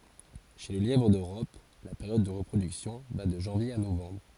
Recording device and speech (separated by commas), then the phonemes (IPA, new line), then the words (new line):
forehead accelerometer, read sentence
ʃe lə ljɛvʁ døʁɔp la peʁjɔd də ʁəpʁodyksjɔ̃ va də ʒɑ̃vje a novɑ̃bʁ
Chez le lièvre d'Europe, la période de reproduction va de janvier à novembre.